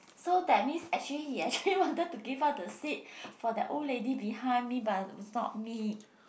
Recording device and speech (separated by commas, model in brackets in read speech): boundary microphone, conversation in the same room